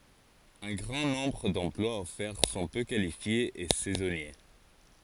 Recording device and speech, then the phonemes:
forehead accelerometer, read sentence
œ̃ ɡʁɑ̃ nɔ̃bʁ dɑ̃plwaz ɔfɛʁ sɔ̃ pø kalifjez e sɛzɔnje

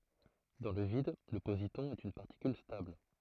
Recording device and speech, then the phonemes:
throat microphone, read sentence
dɑ̃ lə vid lə pozitɔ̃ ɛt yn paʁtikyl stabl

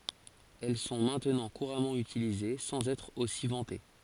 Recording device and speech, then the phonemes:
forehead accelerometer, read sentence
ɛl sɔ̃ mɛ̃tnɑ̃ kuʁamɑ̃ ytilize sɑ̃z ɛtʁ osi vɑ̃te

